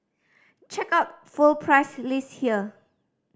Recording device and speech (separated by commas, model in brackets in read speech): standing microphone (AKG C214), read sentence